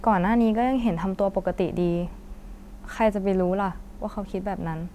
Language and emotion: Thai, neutral